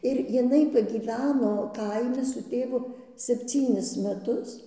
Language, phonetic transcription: Lithuanian, ir jiˈnai pagyˈveno ˈkaimi su ˈtėvu sepˈcynis meˈtus

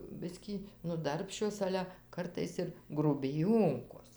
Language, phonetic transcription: Lithuanian, ˈbiskį nu ˈdarbščios ˈale ˈkartais ir grubiˈjonkos

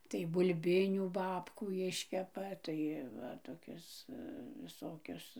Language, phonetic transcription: Lithuanian, tai bulˈbinių ˈbabkų ˈiškepa ˈtai ˈva toˈkias viˈsokias

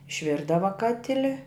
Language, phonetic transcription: Lithuanian, išˈvirdava ˈkatili

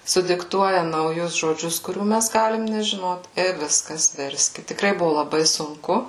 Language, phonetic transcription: Lithuanian, sudikˈtuoja nauˈjus žoˈdžius kuˈrių ˈmæs ˈgalim nežiˈnot i ˈviskas ˈverskit tikˈrai ˈbuvu laˈbai sunˈku

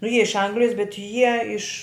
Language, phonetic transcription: Lithuanian, nu ˈjie iš ˈanglijas bet ˈjie iš

